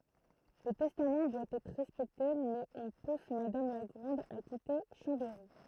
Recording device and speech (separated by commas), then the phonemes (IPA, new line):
throat microphone, read sentence
lə tɛstam dwa ɛtʁ ʁɛspɛkte mɛz ɔ̃ pus madam la ɡʁɑ̃d a kite ʃɑ̃bɛʁi